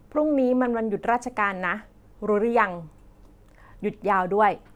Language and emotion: Thai, neutral